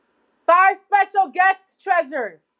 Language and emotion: English, neutral